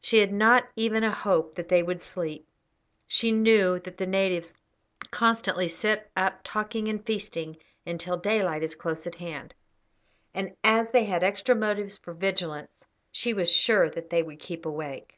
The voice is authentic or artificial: authentic